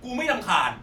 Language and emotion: Thai, angry